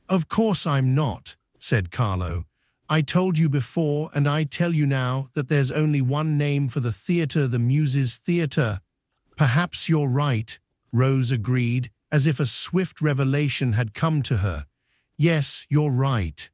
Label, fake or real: fake